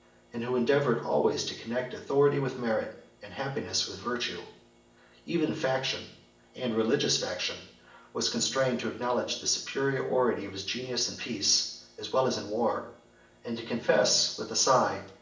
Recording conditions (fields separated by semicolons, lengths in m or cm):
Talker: one person; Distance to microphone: 1.8 m; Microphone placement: close; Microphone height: 1.0 m; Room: large; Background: none